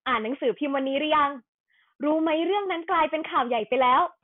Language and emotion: Thai, happy